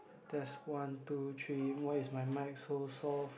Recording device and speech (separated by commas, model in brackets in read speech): boundary microphone, conversation in the same room